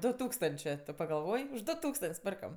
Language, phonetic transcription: Lithuanian, ˈdu ˈtūkstančė tu pagalˈvoj už ˈdu ˈtūkstant's' ˈpirkam

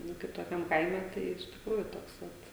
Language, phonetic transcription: Lithuanian, ˈnu kaip toˈkiam ˈkaime ˈtai iš tikˈrųju ˈtoks ˈvat

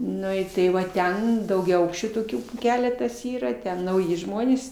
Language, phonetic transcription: Lithuanian, ˈnu i ˈtai va ˈten daugiaˈaukščių toˈkių ˈkeletas ˈyra ten nauˈji ˈžmonės

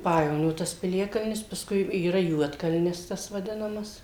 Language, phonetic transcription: Lithuanian, ˈpajevonio tas piˈliakalnis paˈskui yˈra ˈjuodkalnis ˈtas vaˈdinamas

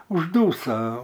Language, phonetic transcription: Lithuanian, užˈdūsa

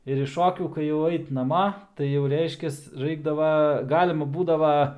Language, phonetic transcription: Lithuanian, ir iš ˈšokių kai jau ˈait naˈma tai jau ˈreiškias ˈraikdava ˈgalima ˈbūdava

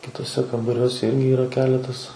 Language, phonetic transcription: Lithuanian, kituoˈse kambaˈriuose ˈirgi ˈyra ˈkeletas

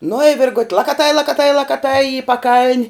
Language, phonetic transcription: Lithuanian, nu i ˈvirgut' lakaˈtai lakaˈtai lakaˈtai i paˈkaln'

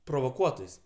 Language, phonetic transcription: Lithuanian, provoˈkuotojs'

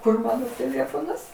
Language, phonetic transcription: Lithuanian, ˈkur ˈmano tėˈlėfonas

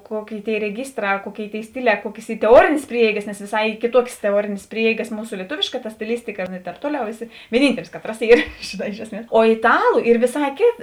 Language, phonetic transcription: Lithuanian, ˈkoˌkėi tėi reˈgystrā ˈkuoˌkėi tėi ˈstiˌlē ˈkuokės ˈy teˈuorėnės ˈprieeigas nes vėˈsai ˈy kėˈtuokės teˈuorėnės ˈprieeigas ˈmūsu lieˈtovėška ta stiˈlistika nu i tēp ˈtuoˌliau ˈeˌsi vieˈnyntelis ˈkaˌtras ˈyr žėˈnā ˈiš esˌmies o itˈalu ˈyr vėˈsā ˈkėt

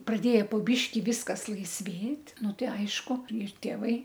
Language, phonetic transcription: Lithuanian, praˈdėja po ˈbyški ˈvyskas laisˈvėt' ˈnu ˈtai ˈaišku ir tėˈvai

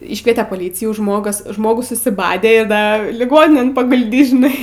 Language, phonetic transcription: Lithuanian, ˈyškviete paˈlycijų ˈžmogas ˈžmogus susiˈbadė ir ˈda liˈgoninėn pagulˈdys žiˈnai

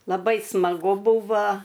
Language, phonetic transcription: Lithuanian, laˈbai smaˈgu ˈbuva

